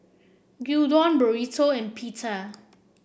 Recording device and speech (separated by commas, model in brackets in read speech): boundary microphone (BM630), read sentence